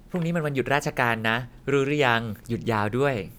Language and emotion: Thai, happy